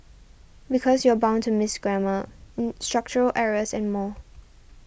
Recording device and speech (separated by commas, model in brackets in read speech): boundary microphone (BM630), read sentence